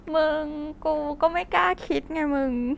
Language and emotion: Thai, happy